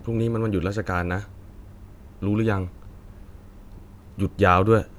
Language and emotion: Thai, neutral